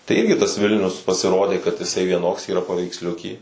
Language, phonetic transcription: Lithuanian, tai ˈirgi tas ˈvilnius pasiˈrodė kad iˈsai vieˈnoks yˈra paveiksˈliuky

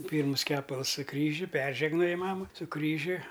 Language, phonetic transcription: Lithuanian, ˈpyrmus ˈkepals su ˈkryžiu ˈperžegnoji ˈmama su ˈkryžiu

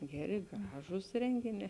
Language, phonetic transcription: Lithuanian, ˈgeˌri ˈgražūs ˈrengiˌnē

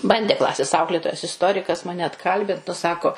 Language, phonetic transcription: Lithuanian, ˈbandė ˈklasės ˈauklėtojas isˈtorikas ˈmane atˈkalbint nu ˈsako

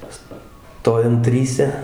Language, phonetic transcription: Lithuanian, ˈstojam ˈtryse

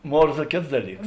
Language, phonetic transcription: Lithuanian, ˈmorza ˈkėts ˈdaˌlyks

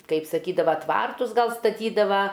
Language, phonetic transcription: Lithuanian, kaip saˈkydava ˈtvartus ˈgal staˈtydava

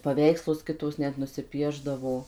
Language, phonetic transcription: Lithuanian, paˈveikslus ˈkitos ˈnet nusiˈpiešdavo

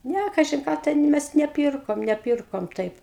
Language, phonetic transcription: Lithuanian, ˈnæ ˈkažin ˈką ˈten ˈmes neˈpyrkom neˈpyrkom ˈtaip

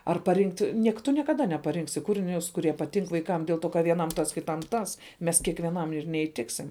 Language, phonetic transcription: Lithuanian, ar paˈrinkt' ˈniek tu niekaˈda nepaˈrinksi ˈkūrinius kuˈrie paˈtink vaiˈkam dėl ˈto ka vieˈnam ˈtas kiˈtam ˈtas ˈmes kiekvieˈnam ir neįˈtiksim

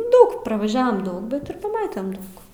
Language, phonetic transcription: Lithuanian, ˈdaug pravaˈžiavam ˈdaug ˈbet ir paˈmatem ˈdaug

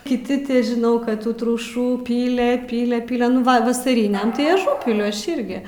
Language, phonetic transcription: Lithuanian, kiˈti ti žiˈnau ˈkad ˈtų truˈšų ˈpyle ˈpyle ˈpyle nu ˈva vasaˈriniam tai aˈžūpiliu ˈaš ˈirgi

